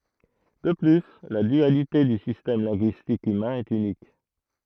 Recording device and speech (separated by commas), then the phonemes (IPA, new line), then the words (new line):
throat microphone, read sentence
də ply la dyalite dy sistɛm lɛ̃ɡyistik ymɛ̃ ɛt ynik
De plus, la dualité du système linguistique humain est unique.